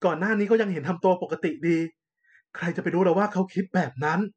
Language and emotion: Thai, frustrated